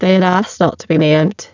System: VC, spectral filtering